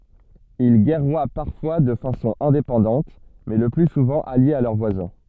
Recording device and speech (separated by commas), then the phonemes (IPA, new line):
soft in-ear microphone, read sentence
il ɡɛʁwa paʁfwa də fasɔ̃ ɛ̃depɑ̃dɑ̃t mɛ lə ply suvɑ̃ aljez a lœʁ vwazɛ̃